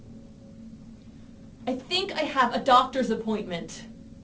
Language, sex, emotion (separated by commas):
English, female, angry